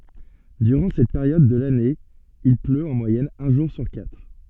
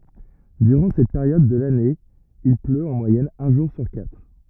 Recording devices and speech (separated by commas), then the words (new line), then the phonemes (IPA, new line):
soft in-ear microphone, rigid in-ear microphone, read sentence
Durant cette période de l'année il pleut en moyenne un jour sur quatre.
dyʁɑ̃ sɛt peʁjɔd də lane il pløt ɑ̃ mwajɛn œ̃ ʒuʁ syʁ katʁ